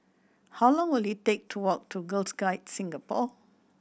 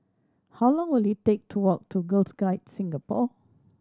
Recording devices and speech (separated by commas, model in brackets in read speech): boundary microphone (BM630), standing microphone (AKG C214), read sentence